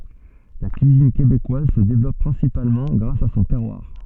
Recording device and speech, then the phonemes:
soft in-ear microphone, read sentence
la kyizin kebekwaz sə devlɔp pʁɛ̃sipalmɑ̃ ɡʁas a sɔ̃ tɛʁwaʁ

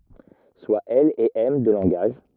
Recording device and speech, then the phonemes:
rigid in-ear microphone, read sentence
swa ɛl e ɛm dø lɑ̃ɡaʒ

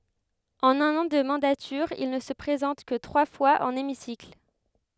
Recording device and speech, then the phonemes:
headset microphone, read sentence
ɑ̃n œ̃n ɑ̃ də mɑ̃datyʁ il nə sə pʁezɑ̃t kə tʁwa fwaz ɑ̃n emisikl

